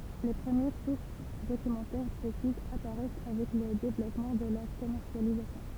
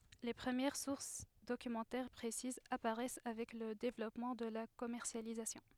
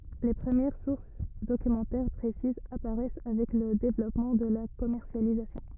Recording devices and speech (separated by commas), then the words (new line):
temple vibration pickup, headset microphone, rigid in-ear microphone, read sentence
Les premières sources documentaires précises apparaissent avec le développement de la commercialisation.